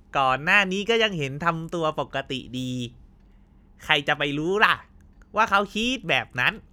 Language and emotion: Thai, happy